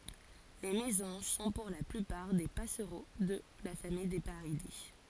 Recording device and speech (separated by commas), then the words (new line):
forehead accelerometer, read sentence
Les mésanges sont pour la plupart des passereaux de la famille des Paridés.